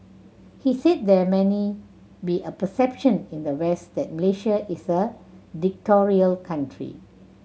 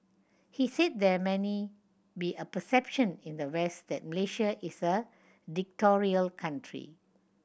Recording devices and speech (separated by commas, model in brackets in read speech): mobile phone (Samsung C7100), boundary microphone (BM630), read sentence